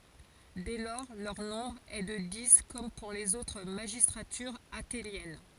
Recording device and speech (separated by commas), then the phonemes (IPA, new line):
forehead accelerometer, read sentence
dɛ lɔʁ lœʁ nɔ̃bʁ ɛ də di kɔm puʁ lez otʁ maʒistʁatyʁz atenjɛn